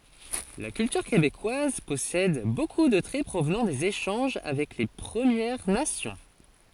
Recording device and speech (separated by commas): forehead accelerometer, read sentence